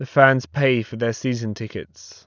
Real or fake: real